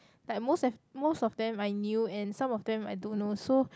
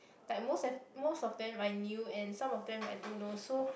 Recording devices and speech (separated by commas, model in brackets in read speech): close-talking microphone, boundary microphone, conversation in the same room